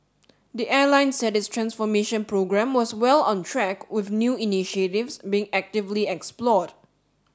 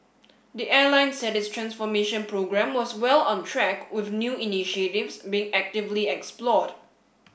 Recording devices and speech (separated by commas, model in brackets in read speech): standing microphone (AKG C214), boundary microphone (BM630), read sentence